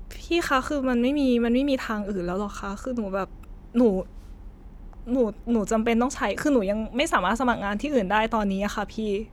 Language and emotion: Thai, frustrated